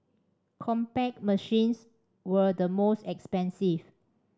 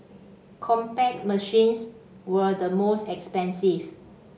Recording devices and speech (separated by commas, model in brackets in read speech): standing microphone (AKG C214), mobile phone (Samsung C5), read sentence